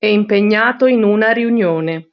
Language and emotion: Italian, neutral